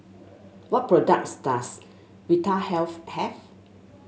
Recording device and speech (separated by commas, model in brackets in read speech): mobile phone (Samsung S8), read sentence